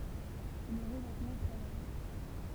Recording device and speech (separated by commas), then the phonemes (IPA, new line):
temple vibration pickup, read sentence
sɛ lə ʁəvɛtmɑ̃ tʁavajɑ̃